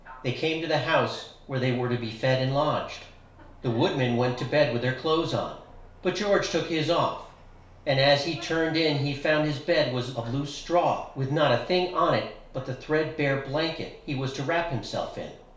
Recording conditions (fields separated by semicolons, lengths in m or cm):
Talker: one person; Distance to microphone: 1.0 m; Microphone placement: close; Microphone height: 1.1 m; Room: small (3.7 m by 2.7 m); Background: television